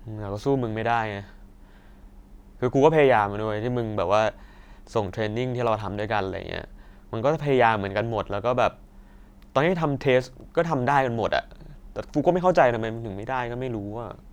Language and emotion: Thai, frustrated